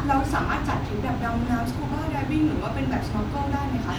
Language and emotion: Thai, happy